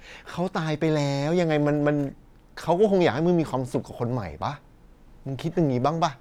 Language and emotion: Thai, frustrated